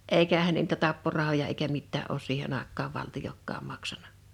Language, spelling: Finnish, eikähän ne niitä tapporahoja eikä mitään ole siihen aikaan valtiokaan maksanut
- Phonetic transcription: 'èikähän ne n(i)itä 'tapporahoja eikä mittää ’oos 'siihen ‿àek̆kaav 'valtijokkaam 'maksanᴀ .

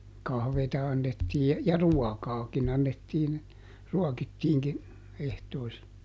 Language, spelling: Finnish, kahvia annettiin ja ruokaakin annettiin ruokittiinkin ehtoisin
- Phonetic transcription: ˈkahveeta ˈannettii , ja "ruɔkaakin ‿annettiin , ˈruɔkittiiŋkin , ˈehtoisi .

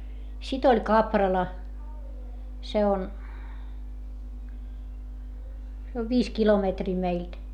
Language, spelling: Finnish, sitten oli Kaprala se on se on viisi kilometriä meiltä
- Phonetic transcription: sit ‿oĺ Kaprala , se on , se ov viis kilometrii meilt .

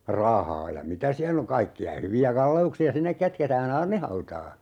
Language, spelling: Finnish, rahaa ja mitä siellä on kaikkia hyviä kalleuksia sinne kätketään aarnihautaan
- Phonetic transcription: 'rahaa ja "mitä siäll ‿oŋ 'kaikki₍a 'hyvi₍ä 'kalle₍uksi₍a "sinnek kätketää"n ‿aarnihautaa .

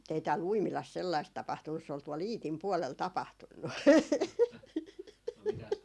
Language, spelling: Finnish, mutta ei täällä Uimilassa sellaista tapahtunut se oli tuolla Iitin puolella tapahtunut
- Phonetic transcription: mut ei tääl "Uimilas 'sellaist tapahtunnus se ol 'tuol "Iitim 'puolel 'tapahtunnu .

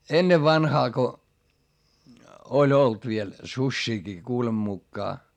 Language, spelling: Finnish, ennen vanhaan kun oli ollut vielä susiakin kuuleman mukaan
- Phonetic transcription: ennev vanhaa ko , oĺ olt viel , suśśiikii kuulem mukkaa .

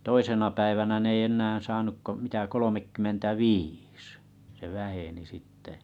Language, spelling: Finnish, toisena päivänä ne ei enää saanut kuin mitä kolmekymmentäviisi se väheni sitten
- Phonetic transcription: 'toisena päivänä 'n ‿ei 'ennäää̰ saanuk ko 'mitä 'kolomekkymmentä"viis , se 'väheni 'sitte .

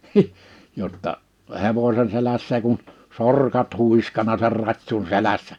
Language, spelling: Finnish, jotta hevosen selässä kun sorkat huiskanut sen ratsun selässä
- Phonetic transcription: 'jotta , 'hevośen 'selässä kun , 'sorkat 'huiskana ser 'rat́sun 'selässᴀ̈ .

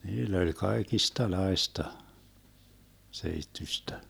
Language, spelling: Finnish, niillä oli kaikenlaista seittyistä
- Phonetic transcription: 'niill ‿oĺ 'kaekista'laesta , 'seittyśtä .

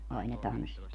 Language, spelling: Finnish, ai ne tanssit
- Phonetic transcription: 'ai ne "tanssit ?

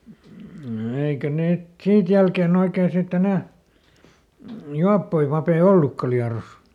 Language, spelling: Finnish, eikä niitä siitä jälkeen oikein sitten enää juoppoja pappeja ollutkaan Liedossa
- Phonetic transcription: ˈeikä niit , ˈsiit jälkeeˈn ‿oikeen sitˈt ‿enä , ˈjuappoi papee "ollukka Liaros .

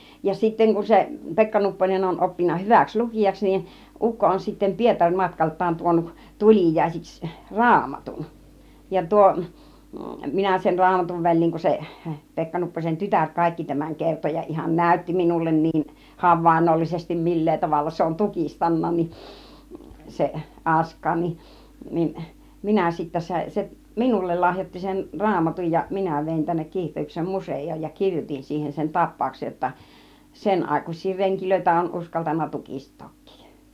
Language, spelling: Finnish, ja sitten kun se Pekka Nupponen on oppinut hyväksi lukijaksi niin ukko on sitten - Pietari-matkaltaan tuonut tuliaisiksi raamatun ja tuo minä sen raamatun väliin kun se Pekka Nupposen tytär kaikki tämän kertoi ja ihan näytti minulle niin havainnollisesti millä tavalla se on tukistanut niin se Askain niin niin minä sitten sain se minulle lahjoitti sen raamatun ja minä vein tänne Kiihtelyksen museoon ja kirjoitin siihen sen tapauksen jotta sen aikaisia renkejä on uskaltanut tukistaakin
- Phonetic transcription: ja 'sitteŋ kun 'se , "Pekka 'Nupponen on oppinna 'hyväks 'lukijaks nin , 'ukko on sitten 'Pietaŕ 'matkalt̆taan tuonuk , "tul͕ìjaisiks , "raamatun , ja 'tuo , 'minä sen 'raamatuv 'väĺ̆liiŋ kun se , 'Pekka Nupposen "tytär 'kàikki tämäŋ 'kerto ja ihan "nä̀ytti minullen 'niin , "havvàinnollisestim "mil̀lee 'tavalla se on "tukistanna nin , 'se , '(Ask̆kaa) nin , 'nin , 'minä sittä sà(in) , 'seˀ , "minullel 'lahjoⁱtti sen , "raamatuj ja "minä vèin tännek 'Kiihtelyksem 'musej̆jooj ja "kiŕjotin siihen sen "tap̆pàuksej jotta , "sen ‿àikuś̆sii 'reŋkilöitä on uskaltan̆na "tukistook̆kII .

